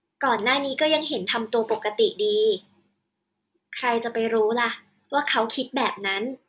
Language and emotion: Thai, neutral